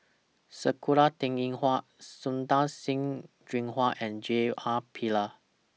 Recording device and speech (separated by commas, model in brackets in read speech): mobile phone (iPhone 6), read sentence